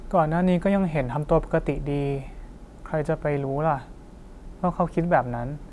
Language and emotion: Thai, neutral